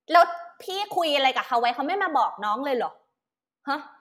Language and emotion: Thai, angry